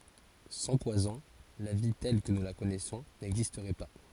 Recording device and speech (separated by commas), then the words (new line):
forehead accelerometer, read sentence
Sans poisons, la vie telle que nous la connaissons n'existerait pas.